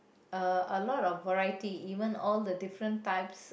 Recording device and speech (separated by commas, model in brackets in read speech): boundary microphone, conversation in the same room